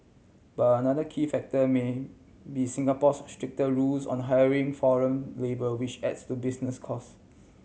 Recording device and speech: mobile phone (Samsung C7100), read sentence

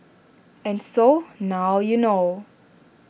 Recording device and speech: boundary microphone (BM630), read sentence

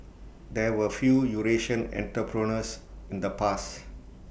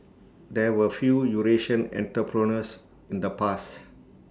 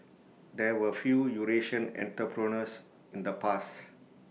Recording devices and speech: boundary microphone (BM630), standing microphone (AKG C214), mobile phone (iPhone 6), read sentence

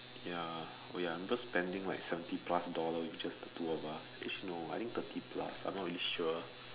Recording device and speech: telephone, conversation in separate rooms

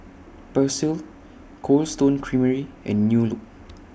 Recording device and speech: boundary microphone (BM630), read sentence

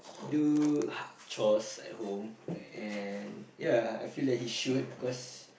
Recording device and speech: boundary microphone, conversation in the same room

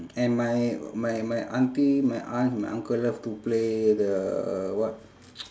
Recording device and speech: standing microphone, conversation in separate rooms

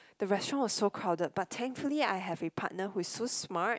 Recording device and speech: close-talking microphone, conversation in the same room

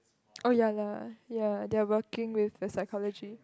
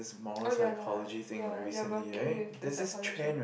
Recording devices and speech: close-talking microphone, boundary microphone, conversation in the same room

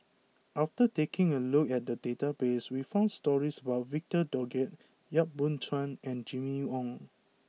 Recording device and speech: mobile phone (iPhone 6), read sentence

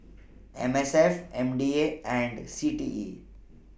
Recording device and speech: boundary microphone (BM630), read sentence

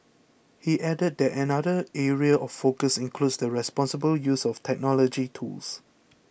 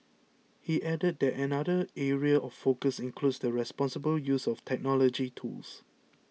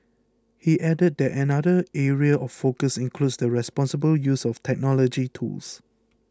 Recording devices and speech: boundary microphone (BM630), mobile phone (iPhone 6), close-talking microphone (WH20), read sentence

